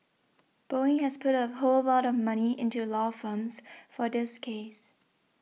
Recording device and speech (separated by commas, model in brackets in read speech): mobile phone (iPhone 6), read sentence